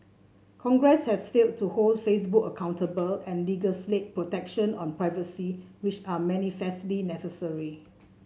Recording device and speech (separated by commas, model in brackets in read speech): mobile phone (Samsung C7), read sentence